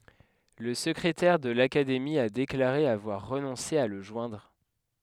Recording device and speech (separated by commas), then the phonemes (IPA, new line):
headset microphone, read sentence
la səkʁetɛʁ də lakademi a deklaʁe avwaʁ ʁənɔ̃se a lə ʒwɛ̃dʁ